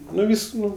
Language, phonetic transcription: Lithuanian, ˈnu ˈvys ˈnu

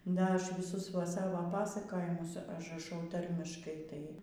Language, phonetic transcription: Lithuanian, ˈda ˈaš viˈsus va ˈsavo ˈpasakojimus ažraˈšau ˈtarmiškai tai

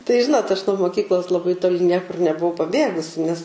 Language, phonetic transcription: Lithuanian, tai ˈžinot aš nuo moˈkyklos laˈbai toˈli ˈniekur nebuˈvau paˈbėgusi nes

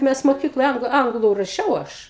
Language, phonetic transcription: Lithuanian, ˈmes moˈkykloj ˈanglu ˈanglu raˈšiau ˈaš

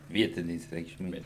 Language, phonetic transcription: Lithuanian, ˈvietinės reikšˈmės

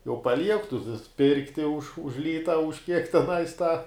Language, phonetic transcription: Lithuanian, jau paˈliek tu tu ˈpirkti už už ˈlyta už kiek teˈnais ta

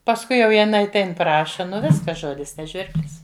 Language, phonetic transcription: Lithuanian, pasˈkui jau jiˈnai atˈein ˈpraša ˈnu ˈviskas ˈžodis ne ˈžvirblis

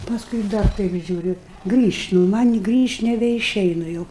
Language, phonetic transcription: Lithuanian, pasˈkui i ˈdar ˈtaip žiūˈriu grįšt' nu man' i ˈgrįšt' nebeiˈšeinu jau

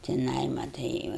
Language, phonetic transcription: Lithuanian, tiˈnai maˈtai jau

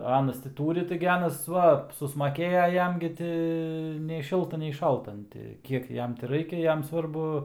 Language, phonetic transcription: Lithuanian, ˈanas ti ˈtūri ˈtaigi ˈanas ˈva susmaˈkėja ˈjam gi ˈti nei ˈšilta nei ˈšalta an ˈti ˈkiek ˈjam ti ˈraikia ˈjam ˈsvarbu

